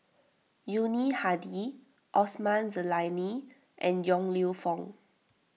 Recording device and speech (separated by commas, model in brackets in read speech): mobile phone (iPhone 6), read sentence